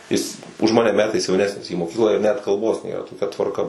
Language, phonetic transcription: Lithuanian, ˈjis už ˈmane ˈmetais jauˈnesnis į moˈkyklą ir net kalˈbos ˈnėra toˈkia tvarˈka

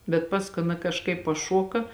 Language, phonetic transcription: Lithuanian, bet ˈpaskui ˈaˌna kažˈkaip paˈšoka

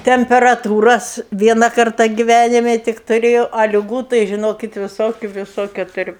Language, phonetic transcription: Lithuanian, temperaˈtūras ˈviena ˈkarta giˈvænime ˈtik tuˈrėjau a liˈgų tai žiˈnokit viˈsokiu viˈsokiu tuˈriu

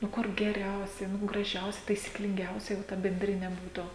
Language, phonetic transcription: Lithuanian, nu ˈkur geˈriausiai nu graˈžiausia taisyklinˈgiausiai va ta benˈdrine ˈbūtu

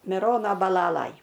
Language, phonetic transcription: Lithuanian, miˈrono baˈlalaj

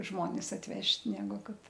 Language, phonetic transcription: Lithuanian, ˈžmonis atˈvežt' ˈnegu ˈkad

